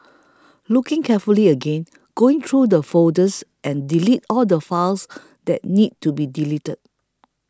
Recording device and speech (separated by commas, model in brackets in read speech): close-talking microphone (WH20), read sentence